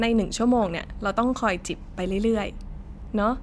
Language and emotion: Thai, neutral